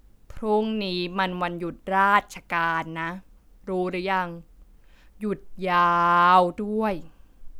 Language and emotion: Thai, frustrated